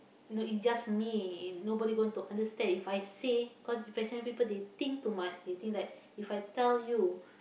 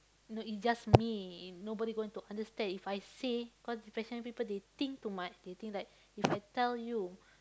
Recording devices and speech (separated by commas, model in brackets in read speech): boundary microphone, close-talking microphone, conversation in the same room